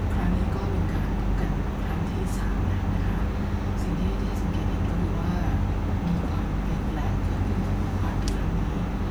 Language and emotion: Thai, neutral